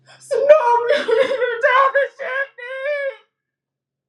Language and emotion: English, sad